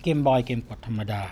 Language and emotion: Thai, neutral